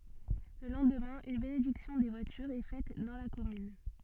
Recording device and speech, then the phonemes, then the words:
soft in-ear microphone, read sentence
lə lɑ̃dmɛ̃ yn benediksjɔ̃ de vwatyʁz ɛ fɛt dɑ̃ la kɔmyn
Le lendemain, une bénédiction des voitures est faite dans la commune.

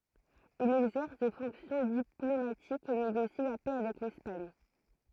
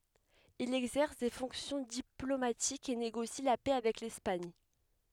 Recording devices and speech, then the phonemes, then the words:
throat microphone, headset microphone, read sentence
il ɛɡzɛʁs de fɔ̃ksjɔ̃ diplomatikz e neɡosi la pɛ avɛk lɛspaɲ
Il exerce des fonctions diplomatiques et négocie la paix avec l'Espagne.

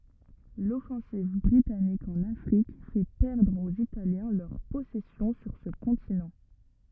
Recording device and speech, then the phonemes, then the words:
rigid in-ear microphone, read sentence
lɔfɑ̃siv bʁitanik ɑ̃n afʁik fɛ pɛʁdʁ oz italjɛ̃ lœʁ pɔsɛsjɔ̃ syʁ sə kɔ̃tinɑ̃
L'offensive britannique en Afrique fait perdre aux Italiens leurs possessions sur ce continent.

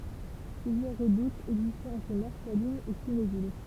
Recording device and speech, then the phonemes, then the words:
temple vibration pickup, read sentence
plyzjœʁ ʁədutz ɛɡzistɛt ɑ̃tʁ mɔʁsalinz e kinevil
Plusieurs redoutes existaient entre Morsalines et Quinéville.

